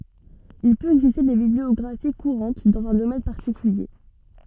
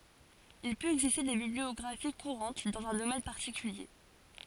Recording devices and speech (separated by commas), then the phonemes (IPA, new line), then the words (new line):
soft in-ear microphone, forehead accelerometer, read sentence
il pøt ɛɡziste de bibliɔɡʁafi kuʁɑ̃t dɑ̃z œ̃ domɛn paʁtikylje
Il peut exister des bibliographies courantes dans un domaine particulier.